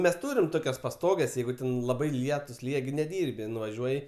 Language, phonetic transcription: Lithuanian, mes ˈtūrim ˈtokias paˈstoges ˈjeigu ten laˈbai ˈlietus ˈlyja gi neˈdyrbi nuvaˈžiuoji

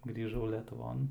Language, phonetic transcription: Lithuanian, grįˈžau letuˈvon

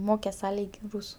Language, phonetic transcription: Lithuanian, ˈmokes ˈa ˈlyg' ˈrūsu

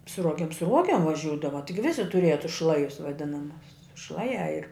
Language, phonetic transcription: Lithuanian, su ˈruogem su ˈruogem vaˈžiūdava ˈtigi ˈvisi tuˈrieja tus ˈšlajus vaˈdinamus ˈšlaˌjā ir

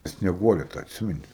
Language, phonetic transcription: Lithuanian, snieˈguole tą atˈsimeni

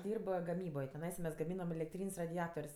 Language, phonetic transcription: Lithuanian, ˈdyrb gaˈmyboj tiˈnaisa mes gaˈmynam elekˈtryn's' radiˈator's'

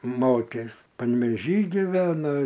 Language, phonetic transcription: Lithuanian, ˈmokės panvėˈžy ˈgivena

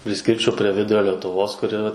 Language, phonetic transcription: Lithuanian, priˈskirčiau pre ˈvidurio letuˈvos kuˈri

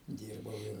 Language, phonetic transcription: Lithuanian, ˈdyrbau ir

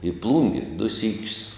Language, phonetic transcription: Lithuanian, į ˈplūngi du ˈsykius

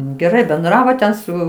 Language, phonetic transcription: Lithuanian, geˈrai benˈdravo ten ˈsu

